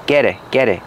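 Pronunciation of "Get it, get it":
In 'get it', the t in 'get' changes to a fast d sound.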